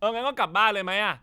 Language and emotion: Thai, angry